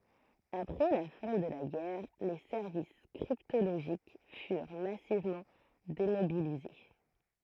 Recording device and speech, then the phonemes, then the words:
throat microphone, read sentence
apʁɛ la fɛ̃ də la ɡɛʁ le sɛʁvis kʁiptoloʒik fyʁ masivmɑ̃ demobilize
Après la fin de la guerre, les services cryptologiques furent massivement démobilisés.

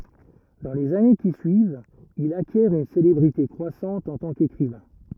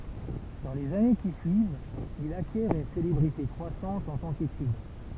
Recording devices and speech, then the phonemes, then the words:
rigid in-ear microphone, temple vibration pickup, read sentence
dɑ̃ lez ane ki syivt il akjɛʁ yn selebʁite kʁwasɑ̃t ɑ̃ tɑ̃ kekʁivɛ̃
Dans les années qui suivent, il acquiert une célébrité croissante en tant qu’écrivain.

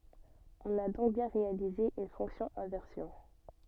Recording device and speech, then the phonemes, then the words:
soft in-ear microphone, read sentence
ɔ̃n a dɔ̃k bjɛ̃ ʁealize yn fɔ̃ksjɔ̃ ɛ̃vɛʁsjɔ̃
On a donc bien réalisé une fonction inversion.

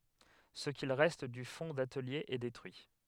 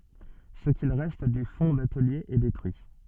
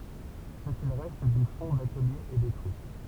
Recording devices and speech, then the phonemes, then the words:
headset microphone, soft in-ear microphone, temple vibration pickup, read sentence
sə kil ʁɛst dy fɔ̃ datəlje ɛ detʁyi
Ce qu'il reste du fonds d'atelier est détruit.

